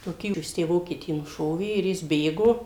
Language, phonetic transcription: Lithuanian, toˈkį ˈjis ˈtę ˈvokietį nuˈšovė ir ˈjis ˈbėgo

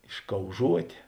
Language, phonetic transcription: Lithuanian, iškauˈžuotė

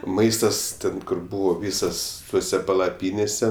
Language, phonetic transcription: Lithuanian, ˈmaistas ˈten ˈkur ˈbūvo ˈvysas ˈtuose palaˈpynėse

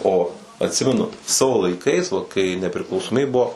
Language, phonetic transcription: Lithuanian, o atˈsimenu ˈsavo laiˈkais va kai nepriklausoˈmybė ˈbuo

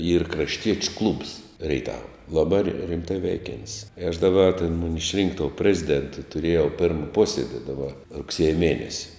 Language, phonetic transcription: Lithuanian, yr krašˈtiečiu klubs reiˈtava laˈbā ri rimˈtai ˈveikiant's' i aš daˈba tėn ˈmuni išˈrink tou ˈpreziˌdėntu tuˈriejau pirm ˈpuosiedi daˈba rugˈsieja ˈmienesi

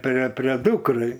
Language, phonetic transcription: Lithuanian, pre prie ˈdukrai

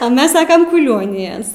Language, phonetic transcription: Lithuanian, a ˈmes ˈsakam kuˈlionijas

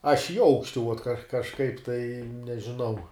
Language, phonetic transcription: Lithuanian, aš i ˈaukšti ˈuot ka kažˈkaip tai nežiˈnau

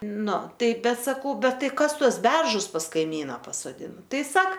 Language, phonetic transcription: Lithuanian, ˈnu ˈtai ˈbet saˈkau ˈbet ˈtai ˈkas ˈtuos ˈberžus pas kaiˈmyna pasoˈdina ˈtai ˈsak

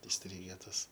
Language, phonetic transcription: Lithuanian, isˈtryge ˈtas

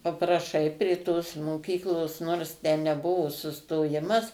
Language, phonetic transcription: Lithuanian, papraˈšai prė tos moˈkyklos nors tę neˈbuvo sustoˈjimas

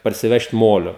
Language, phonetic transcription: Lithuanian, parsiˈvežt ˈmolio

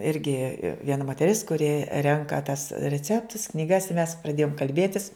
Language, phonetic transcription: Lithuanian, ˈirgi vieˈna moteˈris kuˈri ˈrenka tas reˈceptus knyˈgas i mes praˈdėjom kalˈbėtis

